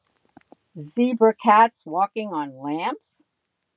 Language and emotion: English, disgusted